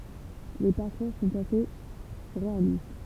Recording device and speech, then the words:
temple vibration pickup, read sentence
Les parcours sont assez réalistes.

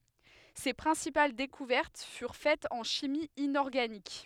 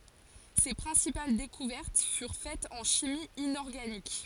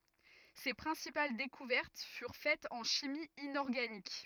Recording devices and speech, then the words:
headset microphone, forehead accelerometer, rigid in-ear microphone, read sentence
Ses principales découvertes furent faites en chimie inorganique.

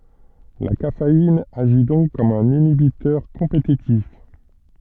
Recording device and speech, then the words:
soft in-ear microphone, read sentence
La caféine agit donc comme un inhibiteur compétitif.

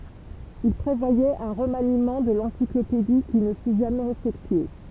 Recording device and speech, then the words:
temple vibration pickup, read sentence
Il prévoyait un remaniement de l’encyclopédie, qui ne fut jamais effectué.

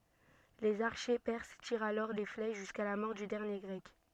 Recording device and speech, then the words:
soft in-ear microphone, read sentence
Les archers perses tirent alors des flèches jusqu'à la mort du dernier Grec.

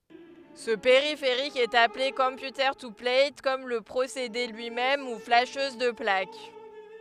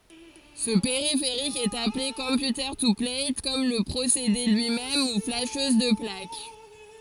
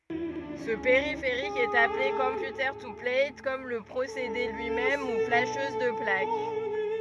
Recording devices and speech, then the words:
headset microphone, forehead accelerometer, rigid in-ear microphone, read sentence
Ce périphérique est appelé computer-to-plate, comme le procédé lui-même, ou flasheuse de plaque.

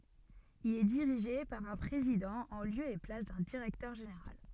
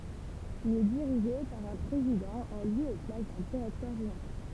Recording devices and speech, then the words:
soft in-ear microphone, temple vibration pickup, read sentence
Il est dirigé par un président en lieu et place d'un directeur général.

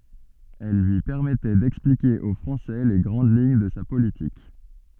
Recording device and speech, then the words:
soft in-ear microphone, read sentence
Elles lui permettaient d'expliquer aux Français les grandes lignes de sa politique.

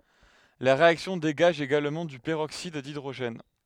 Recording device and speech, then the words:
headset microphone, read sentence
La réaction dégage également du peroxyde d'hydrogène.

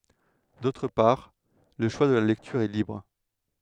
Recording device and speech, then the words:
headset microphone, read sentence
D'autre part, le choix de la lecture est libre.

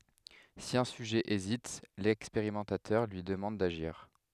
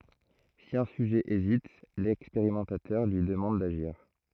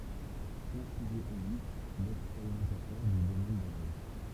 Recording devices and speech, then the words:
headset microphone, throat microphone, temple vibration pickup, read sentence
Si un sujet hésite, l'expérimentateur lui demande d'agir.

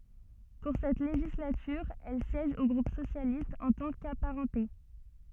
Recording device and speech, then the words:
soft in-ear microphone, read sentence
Pour cette législature, elle siège au groupe socialiste en tant qu'apparentée.

